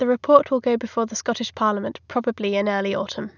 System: none